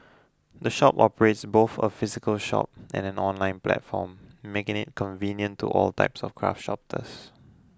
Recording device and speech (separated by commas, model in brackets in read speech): close-talking microphone (WH20), read sentence